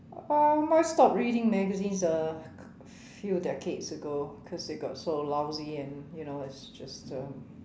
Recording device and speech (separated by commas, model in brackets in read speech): standing microphone, conversation in separate rooms